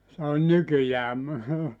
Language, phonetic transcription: Finnish, se on 'nykyjää mu- ,.
- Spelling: se on nykyään -

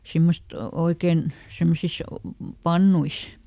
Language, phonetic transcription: Finnish, ˈsimmost , ˈoikèn , ˈsemmosis , "pannuis .
- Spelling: semmoista oikein semmoisissa pannuissa

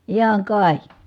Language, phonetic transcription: Finnish, ijäŋ kài .
- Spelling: iän kai

